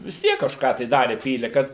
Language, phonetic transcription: Lithuanian, vis ˈtiek kažˈką tai ˈdare ˈpyle kad

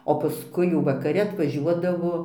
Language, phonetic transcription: Lithuanian, o paˈskui jau vakaˈri atvaˈžiuodavo

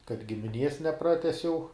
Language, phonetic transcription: Lithuanian, kad gimiˈnies neˈpratesiau

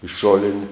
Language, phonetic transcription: Lithuanian, iš ˈšolini

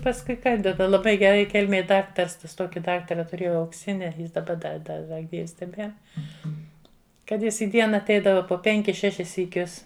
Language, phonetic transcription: Lithuanian, pasˈkui ˈkan daˈba laˈbai geˈrai ˈkelmėj ˈdaktars ˈtas ˈtoki ˈdaktara tuˈrėjau aukˈsini ˈjis daˈba da ˈda da ˈgyvs teˈbier ˈkad ˈjis į ˈdiena atˈeidava po ˈpenkis ˈšešis syˈkius

